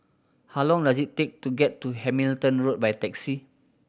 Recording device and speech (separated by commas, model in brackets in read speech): boundary microphone (BM630), read sentence